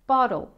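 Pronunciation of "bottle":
In 'bottle', the t is said as a flapped D, the American and Australian way.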